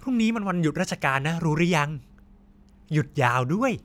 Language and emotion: Thai, happy